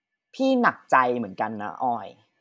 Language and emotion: Thai, frustrated